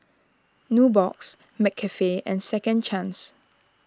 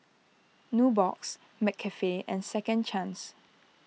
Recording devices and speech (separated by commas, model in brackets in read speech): standing microphone (AKG C214), mobile phone (iPhone 6), read sentence